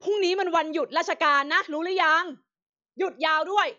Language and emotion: Thai, angry